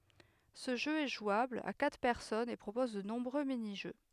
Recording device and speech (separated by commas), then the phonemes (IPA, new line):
headset microphone, read sentence
sə ʒø ɛ ʒwabl a katʁ pɛʁsɔnz e pʁopɔz də nɔ̃bʁø miniʒø